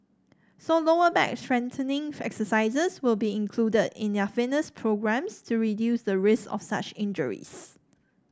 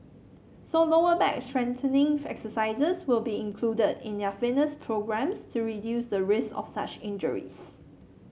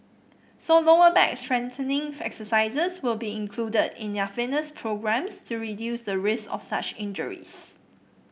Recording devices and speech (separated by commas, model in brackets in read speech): standing microphone (AKG C214), mobile phone (Samsung C7), boundary microphone (BM630), read sentence